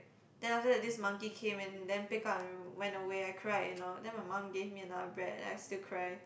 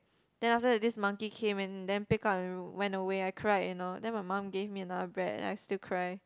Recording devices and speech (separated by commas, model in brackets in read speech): boundary microphone, close-talking microphone, conversation in the same room